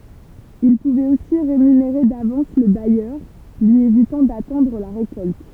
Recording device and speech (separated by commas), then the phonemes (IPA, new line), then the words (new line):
temple vibration pickup, read sentence
il puvɛt osi ʁemyneʁe davɑ̃s lə bajœʁ lyi evitɑ̃ datɑ̃dʁ la ʁekɔlt
Il pouvait aussi rémunérer d'avance le bailleur, lui évitant d'attendre la récolte.